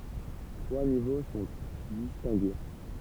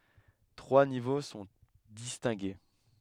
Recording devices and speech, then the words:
temple vibration pickup, headset microphone, read sentence
Trois niveaux sont distingués.

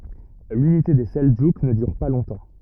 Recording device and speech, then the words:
rigid in-ear microphone, read sentence
L'unité des Seldjouks ne dure pas longtemps.

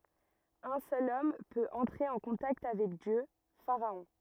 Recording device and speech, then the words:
rigid in-ear microphone, read sentence
Un seul homme peut entrer en contact avec Dieu, pharaon.

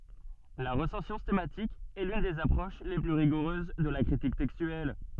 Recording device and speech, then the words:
soft in-ear microphone, read sentence
La recension stemmatique est l'une des approches les plus rigoureuses de la critique textuelle.

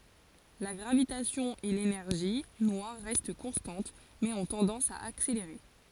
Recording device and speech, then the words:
forehead accelerometer, read sentence
La gravitation et l'énergie noire restent constantes mais ont tendance à accélérer.

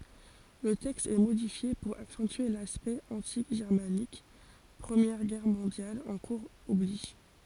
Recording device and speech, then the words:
forehead accelerometer, read sentence
Le texte est modifié pour accentuer l'aspect anti-germanique, Première Guerre mondiale en cours oblige.

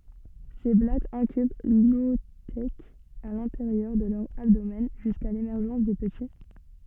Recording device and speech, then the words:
soft in-ear microphone, read sentence
Ces blattes incubent l'oothèque à l'intérieur de leur abdomen jusqu'à l'émergence des petits.

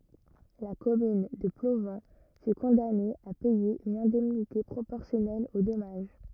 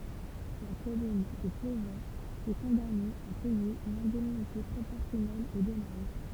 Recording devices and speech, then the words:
rigid in-ear microphone, temple vibration pickup, read sentence
La commune de Plovan fut condamnée à payer une indemnité proportionnelle au dommage.

